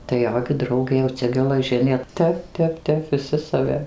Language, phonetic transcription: Lithuanian, tai ˈjo gi ˈdraugė jau ˈcia gelaˈžinė ˈtep ˈtep ˈtep viˈsi saˈvi

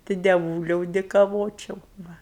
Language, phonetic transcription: Lithuanian, tai deˈvūliau dėkaˈvočiau ˈva

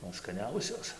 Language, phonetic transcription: Lithuanian, ˈman skaˈniausios

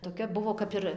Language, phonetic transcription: Lithuanian, toˈkia ˈbuvo ˈkap ir

